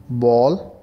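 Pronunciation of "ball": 'ball' is pronounced correctly here.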